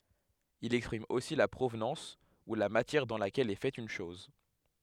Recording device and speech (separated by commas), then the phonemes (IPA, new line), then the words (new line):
headset microphone, read sentence
il ɛkspʁim osi la pʁovnɑ̃s u la matjɛʁ dɑ̃ lakɛl ɛ fɛt yn ʃɔz
Il exprime aussi la provenance ou la matière dans laquelle est faite une chose.